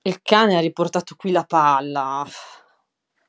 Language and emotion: Italian, disgusted